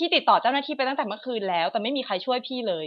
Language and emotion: Thai, frustrated